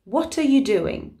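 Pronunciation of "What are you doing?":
In 'What are you doing?', the t of 'what' moves over to the start of the next word, 'are'.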